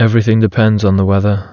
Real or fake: real